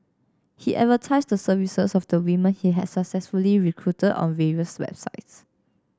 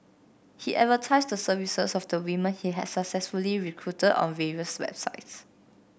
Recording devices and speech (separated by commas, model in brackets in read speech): standing microphone (AKG C214), boundary microphone (BM630), read sentence